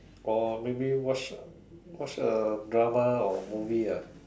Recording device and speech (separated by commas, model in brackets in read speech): standing microphone, conversation in separate rooms